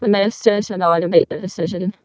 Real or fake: fake